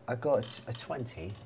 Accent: British accent